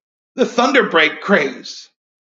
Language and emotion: English, fearful